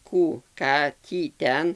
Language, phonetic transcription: Lithuanian, ˈkų ˈką ˈtį ˈten

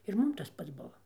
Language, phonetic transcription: Lithuanian, ir ˈmum tas ˈpats ˈbuva

